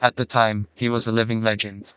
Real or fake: fake